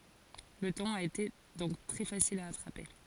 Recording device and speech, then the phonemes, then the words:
forehead accelerometer, read sentence
lə tɔ̃n a ete dɔ̃k tʁɛ fasil a atʁape
Le ton a été donc très facile à attraper.

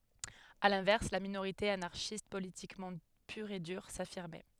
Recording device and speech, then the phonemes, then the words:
headset microphone, read sentence
a lɛ̃vɛʁs la minoʁite anaʁʃist politikmɑ̃ pyʁ e dyʁ safiʁmɛ
À l'inverse, la minorité anarchiste politiquement pure et dure, s'affirmait.

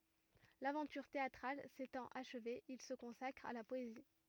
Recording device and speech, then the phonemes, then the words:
rigid in-ear microphone, read sentence
lavɑ̃tyʁ teatʁal setɑ̃t aʃve il sə kɔ̃sakʁ a la pɔezi
L'aventure théatrale s'étant achevée, il se consacre à la poésie.

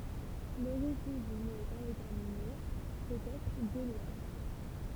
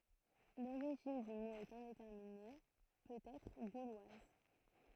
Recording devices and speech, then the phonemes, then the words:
temple vibration pickup, throat microphone, read sentence
loʁiʒin dy mo ɛt ɛ̃detɛʁmine pøt ɛtʁ ɡolwaz
L'origine du mot est indéterminée, peut-être gauloise.

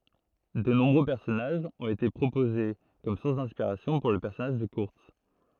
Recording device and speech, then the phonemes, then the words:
throat microphone, read sentence
də nɔ̃bʁø pɛʁsɔnaʒz ɔ̃t ete pʁopoze kɔm suʁs dɛ̃spiʁasjɔ̃ puʁ lə pɛʁsɔnaʒ də kyʁts
De nombreux personnages ont été proposés comme sources d'inspiration pour le personnage de Kurtz.

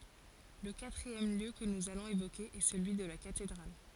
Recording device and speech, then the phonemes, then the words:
forehead accelerometer, read sentence
lə katʁiɛm ljø kə nuz alɔ̃z evoke ɛ səlyi də la katedʁal
Le quatrième lieu que nous allons évoquer est celui de la cathédrale.

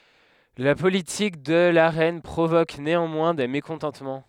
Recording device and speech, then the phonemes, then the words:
headset microphone, read sentence
la politik də la ʁɛn pʁovok neɑ̃mwɛ̃ de mekɔ̃tɑ̃tmɑ̃
La politique de la reine provoque néanmoins des mécontentements.

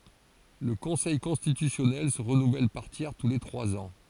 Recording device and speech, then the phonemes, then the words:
forehead accelerometer, read sentence
lə kɔ̃sɛj kɔ̃stitysjɔnɛl sə ʁənuvɛl paʁ tjɛʁ tu le tʁwaz ɑ̃
Le Conseil constitutionnel se renouvelle par tiers tous les trois ans.

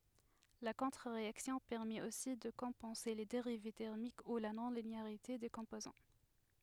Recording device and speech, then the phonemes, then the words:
headset microphone, read sentence
la kɔ̃tʁəʁeaksjɔ̃ pɛʁmɛt osi də kɔ̃pɑ̃se le deʁiv tɛʁmik u la nɔ̃lineaʁite de kɔ̃pozɑ̃
La contre-réaction permet aussi de compenser les dérives thermiques ou la non-linéarité des composants.

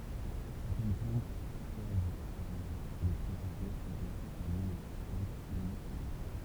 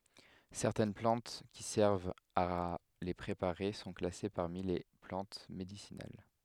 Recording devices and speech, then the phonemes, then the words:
temple vibration pickup, headset microphone, read sentence
sɛʁtɛn plɑ̃t ki sɛʁvt a le pʁepaʁe sɔ̃ klase paʁmi le plɑ̃t medisinal
Certaines plantes qui servent à les préparer sont classées parmi les plantes médicinales.

